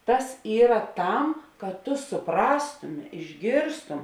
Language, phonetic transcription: Lithuanian, ˈtas ˈyra ˈtam kad tu suˈprastumi išˈgėrstum

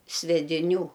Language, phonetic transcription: Lithuanian, svediˈnių

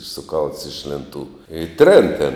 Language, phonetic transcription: Lithuanian, suˈkalts iš lėnˈtų i ˈtrėn tėn

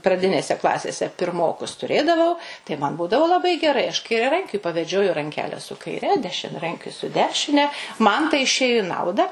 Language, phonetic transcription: Lithuanian, praˈdinėse ˈklasėse pirˈmokus tuˈrėdavau tai ˈman ˈbūdavo laˈbai geˈrai aš kairiaˈrankiui paveˈdžioju ranˈkele su kaiˈre dešiniaˈrankiui su ˈdešine ˈman tai išˈėju i ˈnauda

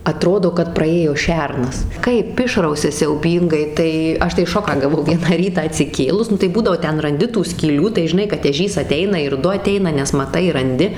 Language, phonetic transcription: Lithuanian, aˈtrodo kad praˈėjo ˈšernas ˈkaip ˈišrausia siauˈbyngai ˈtai ˈaš tai ˈšoką gaˈvau ˈvieną ˈrytą atsiˈkėlus ˈnu tai ˈbūdavo ˈten ranˈdi tų skyˈlių tai žiˈnai kad eˈžys aˈteina ir ˈdu aˈteina nes maˈtai ranˈdi

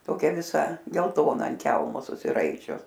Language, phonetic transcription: Lithuanian, toˈkia viˈsa gelˈtona ant ˈkelmo susiˈraičius

